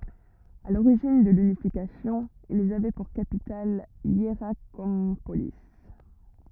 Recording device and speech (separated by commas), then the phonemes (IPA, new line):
rigid in-ear microphone, read sentence
a loʁiʒin də lynifikasjɔ̃ ilz avɛ puʁ kapital jeʁakɔ̃poli